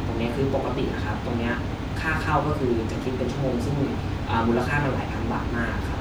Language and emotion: Thai, neutral